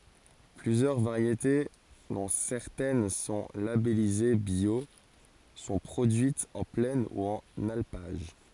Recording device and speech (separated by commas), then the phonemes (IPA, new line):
forehead accelerometer, read sentence
plyzjœʁ vaʁjete dɔ̃ sɛʁtɛn sɔ̃ labɛlize bjo sɔ̃ pʁodyitz ɑ̃ plɛn u ɑ̃n alpaʒ